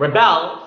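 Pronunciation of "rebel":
'Rebel' is stressed on the second syllable, as the verb meaning the act of rebelling, not the noun.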